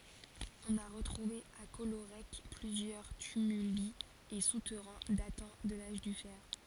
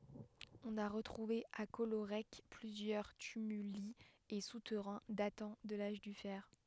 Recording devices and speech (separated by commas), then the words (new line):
forehead accelerometer, headset microphone, read sentence
On a retrouvé à Collorec plusieurs tumuli et souterrains datant de l'âge du fer.